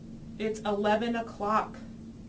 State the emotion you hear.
disgusted